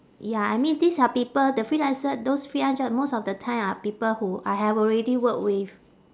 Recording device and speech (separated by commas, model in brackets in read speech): standing microphone, conversation in separate rooms